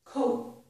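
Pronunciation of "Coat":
In 'coat', the final t is not released: there is no strong burst of air after it, as there would be with a regular t sound.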